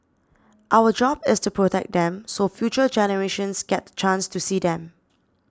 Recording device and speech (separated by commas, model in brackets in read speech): standing microphone (AKG C214), read sentence